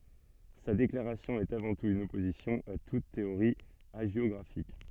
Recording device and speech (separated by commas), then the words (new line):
soft in-ear microphone, read sentence
Sa déclaration est avant tout une opposition à toute théorie hagiographique.